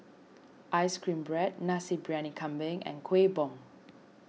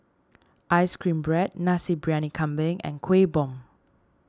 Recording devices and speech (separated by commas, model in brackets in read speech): mobile phone (iPhone 6), standing microphone (AKG C214), read sentence